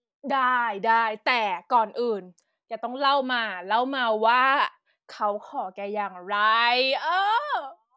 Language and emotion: Thai, happy